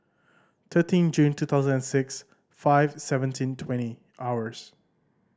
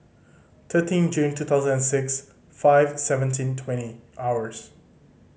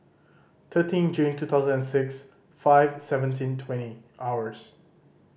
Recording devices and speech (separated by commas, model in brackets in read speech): standing microphone (AKG C214), mobile phone (Samsung C5010), boundary microphone (BM630), read sentence